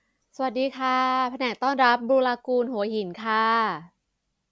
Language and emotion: Thai, neutral